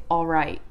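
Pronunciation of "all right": In 'all right', the L is dropped.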